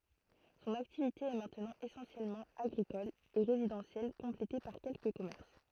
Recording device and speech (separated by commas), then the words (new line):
throat microphone, read sentence
Son activité est maintenant essentiellement agricole et résidentielle complétée par quelques commerces.